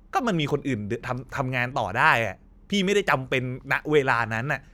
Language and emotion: Thai, frustrated